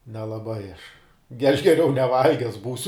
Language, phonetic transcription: Lithuanian, nelaˈbai aš ge aš geˈriau neˈvalges ˈbūsiu

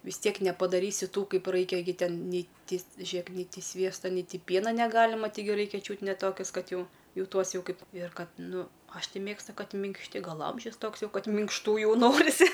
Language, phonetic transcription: Lithuanian, vis ˈtiek nepadaˈrysi ˈtų ˈkaip ˈraikia gi ˈten ˈnei ˈti ˈžiek nei ˈti ˈsviesta nei ˈti ˈpiena neˈgalima taiˈgi ˈraikia ˈčiūt ne ˈtokės ˈkad ˈjau ˈjau ˈtuos ˈjau ˈkaip ir ˈkad ˈnu ˈaš ˈti ˈmėgstu ˈkad minkšˈti ˈgal ˈamžius ˈtoks ˈjau ˈkad minkšˈtų ˈjau ˈnorisi

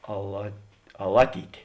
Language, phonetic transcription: Lithuanian, ala aˈlaˌtytė

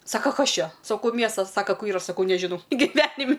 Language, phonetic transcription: Lithuanian, ˈsaka ˈkas ˈčia saˈkau ˈmiestas ˈsaka ˈkur ˈyra saˈkau neˈžinau giˈvenim'

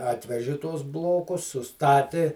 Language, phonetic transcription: Lithuanian, ˈatveži ˈtuos ˈblokus suˈstati

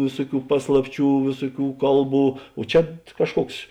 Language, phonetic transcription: Lithuanian, ˈvėsuˌkių ˈpaslapˌčių ˈvėsuˌkių ˈkalˌbų o ˈčia ˈkažˌkuoks

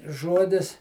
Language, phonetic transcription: Lithuanian, ˈžuodis

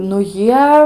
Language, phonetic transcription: Lithuanian, nu ˈjie

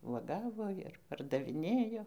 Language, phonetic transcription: Lithuanian, vuoˈgavo ir pardaviˈnėjo

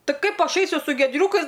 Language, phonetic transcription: Lithuanian, ˈtai ˈkaip ˈaš ˈaisiu su giedˈriūkais

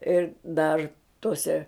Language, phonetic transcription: Lithuanian, ir ˈdar toˈse

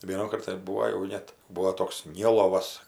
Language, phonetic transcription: Lithuanian, ˈvienukart tai ˈbūo jau ˈnet ˈbuo ˈtoks ˈnilovas

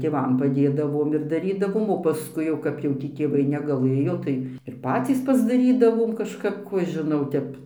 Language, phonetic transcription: Lithuanian, tėˈvam paˈdėdavom ir daˈrydavom o paˈskui jau kap jau ˈtį tėˈvai negaˈlɘjo tai ir ˈpacys pasdaˈrydavom kažˈkap ˈkų aš žiˈnau ˈtep

